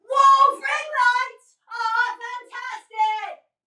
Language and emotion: English, neutral